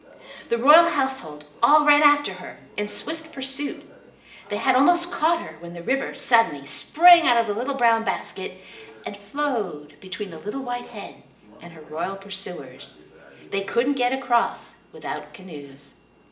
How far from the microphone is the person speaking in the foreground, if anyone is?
1.8 m.